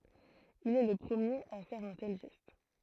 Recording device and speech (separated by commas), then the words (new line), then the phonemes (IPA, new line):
throat microphone, read sentence
Il est le premier à faire un tel geste.
il ɛ lə pʁəmjeʁ a fɛʁ œ̃ tɛl ʒɛst